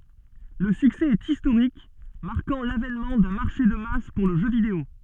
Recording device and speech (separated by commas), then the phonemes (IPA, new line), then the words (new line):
soft in-ear microphone, read sentence
lə syksɛ ɛt istoʁik maʁkɑ̃ lavɛnmɑ̃ dœ̃ maʁʃe də mas puʁ lə ʒø video
Le succès est historique, marquant l’avènement d’un marché de masse pour le jeu vidéo.